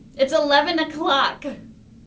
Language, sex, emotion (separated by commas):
English, female, fearful